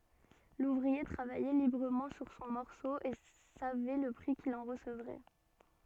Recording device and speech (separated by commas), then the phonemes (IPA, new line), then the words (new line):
soft in-ear microphone, read sentence
luvʁie tʁavajɛ libʁəmɑ̃ syʁ sɔ̃ mɔʁso e savɛ lə pʁi kil ɑ̃ ʁəsəvʁɛ
L'ouvrier travaillait librement sur son morceau et savait le prix qu'il en recevrait.